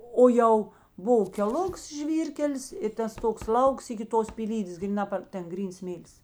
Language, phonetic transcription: Lithuanian, ˈo jau ˈbova keˈluks ˈžvyrkelis i ˈtas ˈtoks ˈlauks iki ˈtos pyˈlydės gryˈna par ˈten ˈgryns ˈsmėlis

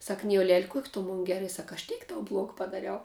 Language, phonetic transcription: Lithuanian, ˈsak ˈnijolel' ˈkuok' tu mon ˈgera sak aš ˈtėk tau ˈblog padaˈriau

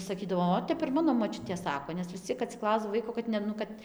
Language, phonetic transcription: Lithuanian, saˈkydavo ˈot ˈtep ir ˈmano moˈčiutė ˈsako nes vis ˈciek atsiˈklausdav ˈvaiko kad ne ˈnu kad

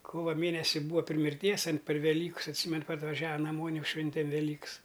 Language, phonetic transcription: Lithuanian, ˈkova ˈmėnesi ˈbūva pri mirˈties an per veˈlykas atˈsymen parvaˈžiava naˈmon' ˈjau ˈšventem veˈlyks

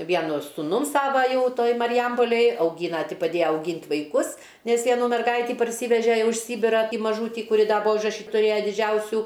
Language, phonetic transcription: Lithuanian, ˈvienu suˈnum ˈsava ˈjau ˈtoj mariˈjampolėj auˈgyna ˈti paˈdėja auˈgynt' vaiˈkus ˈnes ˈjie aˈnų merˈgaitį parˈsyveže ˈjau iš ˈsybirąˈtį maˈžūtį kuˈri ˈda ˈbua užraˈšy tuˈrėja diˈdžiausiu

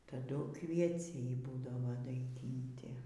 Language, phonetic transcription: Lithuanian, taˈdu kvieˈciai ˈbūdavo daiˈginti

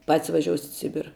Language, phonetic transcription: Lithuanian, pat's' vaˈžiosit' i ˈsibira

